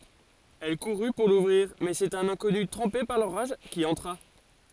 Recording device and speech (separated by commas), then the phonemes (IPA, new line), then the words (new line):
forehead accelerometer, read sentence
ɛl kuʁy puʁ luvʁiʁ mɛz œ̃ sɛt œ̃n ɛ̃kɔny tʁɑ̃pe paʁ loʁaʒ ki ɑ̃tʁa
Elle courut pour l'ouvrir mais un c'est un inconnu trempé par l'orage qui entra.